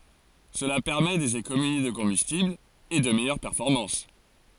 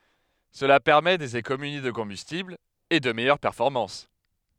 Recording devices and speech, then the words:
forehead accelerometer, headset microphone, read sentence
Cela permet des économies de combustible et de meilleures performances.

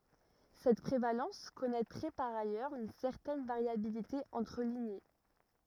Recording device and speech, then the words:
rigid in-ear microphone, read sentence
Cette prévalence connaîtrait par ailleurs une certaine variabilité entre lignées.

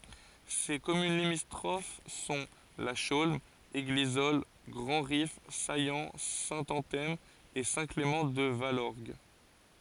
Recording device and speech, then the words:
forehead accelerometer, read sentence
Ses communes limitrophes sont La Chaulme, Églisolles, Grandrif, Saillant, Saint-Anthème et Saint-Clément-de-Valorgue.

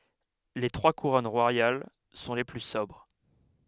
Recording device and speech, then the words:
headset microphone, read sentence
Les trois couronnes royales sont les plus sobres.

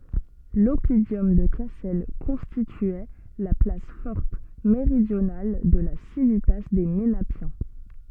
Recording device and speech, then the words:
soft in-ear microphone, read sentence
L'oppidum de Cassel constituait la place forte méridionale de la civitas des Ménapiens.

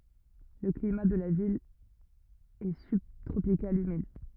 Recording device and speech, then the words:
rigid in-ear microphone, read sentence
Le climat de la ville est subtropical humide.

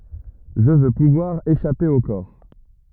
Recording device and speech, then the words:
rigid in-ear microphone, read sentence
Je veux pouvoir échapper au corps.

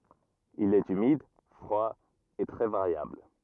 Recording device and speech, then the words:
rigid in-ear microphone, read sentence
Il est humide, froid et très variable.

